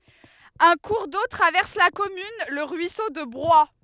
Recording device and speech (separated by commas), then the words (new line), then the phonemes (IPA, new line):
headset microphone, read sentence
Un cours d'eau traverse la commune, le ruisseau de Broye.
œ̃ kuʁ do tʁavɛʁs la kɔmyn lə ʁyiso də bʁwaj